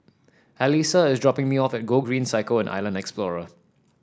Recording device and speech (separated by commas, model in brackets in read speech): standing microphone (AKG C214), read sentence